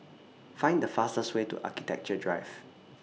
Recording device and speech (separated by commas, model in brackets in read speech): mobile phone (iPhone 6), read sentence